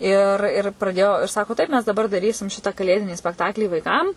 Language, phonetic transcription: Lithuanian, ir ir praˈdėjo ir ˈsako ˈtaip mes daˈbar daˈrysim ˈšita kaˈlėdinį spekˈtaklį vaiˈkam

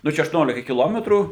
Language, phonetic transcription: Lithuanian, ˈnu čia aštuˈniolika kiˈlometrų

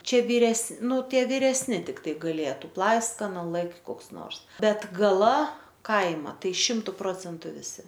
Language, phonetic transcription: Lithuanian, ˈčia vyˈres ˈnu ˈtie viresˈni tikˈtai gaˈlėtu ˈplaiskana ˈlɘkt' ˈkoks ˈnors ˈbet gaˈla ˈkaima ˈtai ˈšimtu ˈprocentu viˈsi

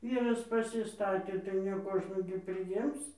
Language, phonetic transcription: Lithuanian, ˈvyras pasiˈstatė tai ne ˈkožnų gi priˈjims

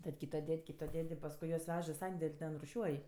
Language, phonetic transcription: Lithuanian, tad ˈkyto ˈded' ˈkyto ˈded' i pasˈkui juos ˈvež i ˈsandel' ˈten ruˈšiuoj

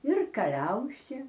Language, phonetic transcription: Lithuanian, ir kaˈliausė

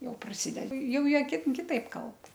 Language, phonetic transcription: Lithuanian, jau praˈsideda ˈjau ˈjie ˈkit kiˈtaip ˈkalb

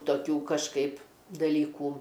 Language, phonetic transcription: Lithuanian, toˈkių kažˈkaip daˈlykų

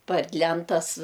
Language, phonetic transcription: Lithuanian, par ˈlentas

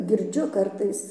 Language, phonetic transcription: Lithuanian, girˈdžiu ˈkartais

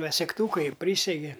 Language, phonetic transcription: Lithuanian, va segˈtūkai ˈprysegi

